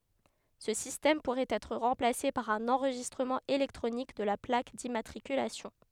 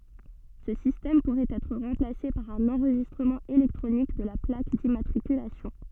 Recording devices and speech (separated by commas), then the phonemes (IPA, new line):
headset microphone, soft in-ear microphone, read sentence
sə sistɛm puʁɛt ɛtʁ ʁɑ̃plase paʁ œ̃n ɑ̃ʁʒistʁəmɑ̃ elɛktʁonik də la plak dimmatʁikylasjɔ̃